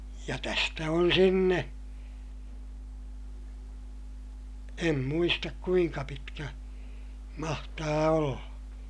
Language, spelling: Finnish, ja tästä on sinne en muista kuinka pitkä mahtaa olla
- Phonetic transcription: ja tästä on sinne , em muistak kuiŋka pitkä , mahtaa olla .

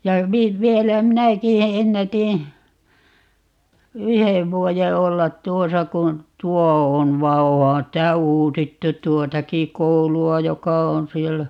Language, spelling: Finnish, ja - vielä minäkin - ennätin yhden vuoden olla tuossa kun tuo on vaan onhan sitä uusittu tuotakin koulua joka on siellä
- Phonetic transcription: ja 'vi- , 'vielä "minäki e- , 'ennätiḭ , "yhev 'vuoje 'ollat "tuosa kun , "tuo on 'va "ohan 'sitä "uusittut "tuotaki 'koulu₍a 'joka 'on̬ 'siellä .

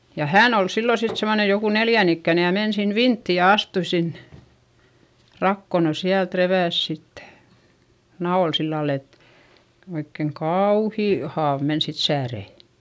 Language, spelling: Finnish, ja hän oli silloin sitten semmoinen joku neljän ikäinen ja meni sinne vinttiin ja astui sinne rakoon no sieltä repäisi sitten naula sillä lailla että oikein kauhea haava meni sitten sääreen
- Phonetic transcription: ja hään ‿ol sillo sit semmone joku neljän ‿ikkä̀ne ja men sin vintti ja astui sinnE , rakko - no siält revä̀s sittE , naol sillal ‿et , oikkeŋ kauuhì haav men sit säärè .

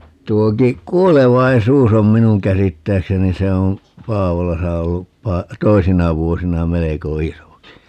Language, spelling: Finnish, tuokin kuolevaisuus on minun käsittääkseni se on Paavolassa ollut - toisina vuosina melko isokin
- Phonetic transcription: 'tuoki "k̀uolevaisuus ‿om "minuŋ käsittääkseni - 'se om , 'Paavolasa ollup 'pa- , 'toisina 'vuosina 'meleko "isoki .

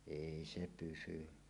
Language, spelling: Finnish, ei se pysy
- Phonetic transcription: èi 'se 'pysy .

